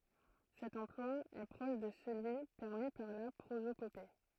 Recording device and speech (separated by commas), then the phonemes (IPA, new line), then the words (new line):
throat microphone, read sentence
sɛt ɑ̃plwa ɛ pʁɔʃ də səlyi pɛʁmi paʁ la pʁozopope
Cet emploi est proche de celui permis par la prosopopée.